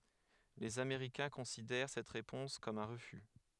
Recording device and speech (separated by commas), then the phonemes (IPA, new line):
headset microphone, read sentence
lez ameʁikɛ̃ kɔ̃sidɛʁ sɛt ʁepɔ̃s kɔm œ̃ ʁəfy